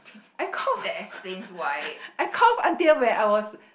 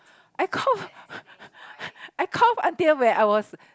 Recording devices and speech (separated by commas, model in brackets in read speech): boundary microphone, close-talking microphone, conversation in the same room